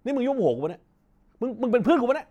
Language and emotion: Thai, angry